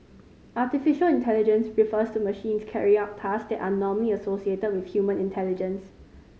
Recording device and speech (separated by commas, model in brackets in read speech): mobile phone (Samsung C5010), read sentence